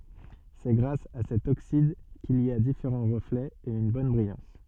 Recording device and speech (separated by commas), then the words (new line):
soft in-ear microphone, read sentence
C'est grâce à cet oxyde qu'il y a différents reflets et une bonne brillance.